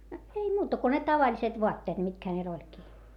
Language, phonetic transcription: Finnish, ei muuta ko ne tavaĺiset voatteet mitkä hänel ‿oĺki .
- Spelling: ei muuta kuin ne tavalliset vaatteet mitkä hänellä olikin

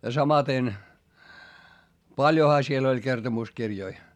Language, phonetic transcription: Finnish, ja samaten , paljoha siel ‿oĺ kertomuskirjoi .
- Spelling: ja samaten paljonhan siellä oli kertomuskirjoja

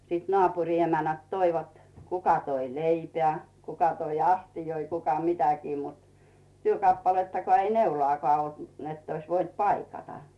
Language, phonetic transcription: Finnish, sⁱt 'nᵒàpuŕi emänät "toivat , 'kuka toi "leipĕä̀ , 'kuka toi "astijoi , 'kuka "mitäkii mut , 'työkappalettakᵒà ei "neulᵒàkᵒà olt nett ‿ois 'voint "paikata .
- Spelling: sitten naapurin emännät toivat kuka toi leipää kuka toi astioita kuka mitäkin mutta työkappalettakaan ei neulaakaan ollut niin että olisi voinut paikata

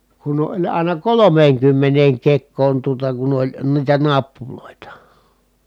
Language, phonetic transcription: Finnish, kun oĺ àina kolomeeŋkymmeneeŋ kek̆koon tuota kun ‿oĺ , niitä nappulòita .
- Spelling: kun oli aina kolmeenkymmeneen kekoon tuota kun oli niitä nappuloita

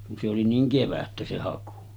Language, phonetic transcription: Finnish, kun se oli 'niiŋ "kevättä se 'haku .
- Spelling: kun se oli niin kevättä se haku

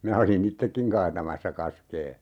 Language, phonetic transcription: Finnish, 'minä oli"n ‿ittekkiŋ 'kaatamassa 'kaskee .
- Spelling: minä olin itsekin kaatamassa kaskea

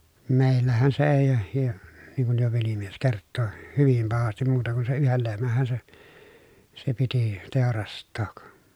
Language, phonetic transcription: Finnish, mèi̮llähän se èi , ja , niŋ kuj jo velimies kerttoⁱ , hyvim pahastim muuta ku sen̬ yhel lehmähhä se , se piti , tèorast̆took .
- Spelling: meillähän se ei ja niin kun jo velimies kertoi hyvin pahasti muuta kuin sen yhden lehmänhän se se piti teurastaa

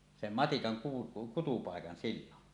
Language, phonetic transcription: Finnish, sem 'matikaŋ ku- 'kutupàekan sillon .
- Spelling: sen matikan - kutupaikan silloin

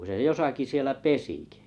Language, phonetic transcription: Finnish, se 'josaki 'sielä "pesikɪ .
- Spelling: se jossakin siellä pesikin

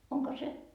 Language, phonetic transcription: Finnish, 'oŋko 'se ,.
- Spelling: onko se

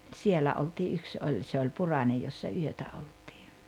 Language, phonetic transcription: Finnish, 'tsiellä oltii 'yks 'oĺ se oĺ "Purańej jossa 'yötä oltɪɪ .
- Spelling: siellä oltiin yksi oli se oli Puranen jossa yötä oltiin

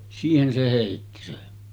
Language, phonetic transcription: Finnish, 'siihen se 'hèitti sen .
- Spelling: siihen se heitti sen

